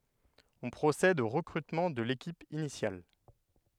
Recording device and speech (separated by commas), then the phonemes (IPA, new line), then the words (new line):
headset microphone, read sentence
ɔ̃ pʁosɛd o ʁəkʁytmɑ̃ də lekip inisjal
On procède au recrutement de l'équipe initiale.